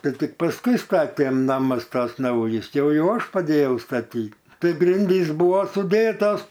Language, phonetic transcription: Lithuanian, ˈtai ˈtik pasˈkui ˈstatėm ˈnamas ˈtas ˈnaujis ˈjau ˈjau ˈaš paˈdėjau staˈtyt ˈtai ˈgrindys ˈbuvo suˈdėtos

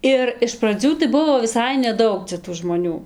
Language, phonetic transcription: Lithuanian, ˈir iš praˈdzių tai ˈbuvo viˈsai neˈdaug cia tų žmoˈnių

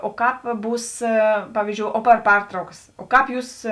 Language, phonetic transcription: Lithuanian, o ˈkāp ˈbūs ˈpavyzdžiou o ˈpar ˈpartraukas o ˈkāp ˈjūs

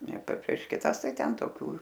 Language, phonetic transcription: Lithuanian, ne pe prieš kiˈtas ˈtai ˈten toˈkių

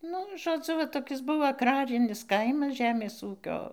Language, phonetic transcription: Lithuanian, ˈnu žoˈdzu va toˈkis ˈbuvo agˈrarinis ˈkaimas ˈžemės ˈūkio

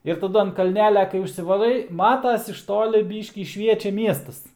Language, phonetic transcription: Lithuanian, ir taˈdu an kalˈnelia kai užsivaˈrai ˈmatas iš ˈtoli ˈbyškį ˈšviečia ˈmiestas

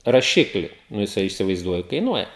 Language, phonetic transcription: Lithuanian, raˈšikli nu jiˈsai įsivaizˈduoju kaiˈnuoja

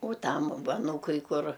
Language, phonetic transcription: Lithuanian, o ˈtam ˈva aˈnūkui ˈkur

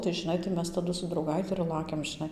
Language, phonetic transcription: Lithuanian, tai žɨˈnai tai ˈmes taˈdu su drauˈgaiti ir ˈlakiam žiˈnai

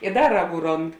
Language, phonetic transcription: Lithuanian, i ˈda ˈraˌgų ˈrond

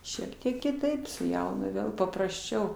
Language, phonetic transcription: Lithuanian, ˈšiek tiek kiˈtaip su ˈjaunu ˈvėl paprasˈčiau

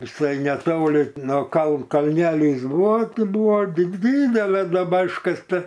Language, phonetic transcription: Lithuanian, viˈsai neˈtoli no kal kalˈnelys ˈbūvo ˈti ˈbūvo di ˈdydelė duoˈba iškasˈta

